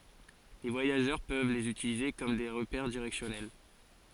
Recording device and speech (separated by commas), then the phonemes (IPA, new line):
forehead accelerometer, read sentence
le vwajaʒœʁ pøv lez ytilize kɔm de ʁəpɛʁ diʁɛksjɔnɛl